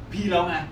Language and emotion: Thai, angry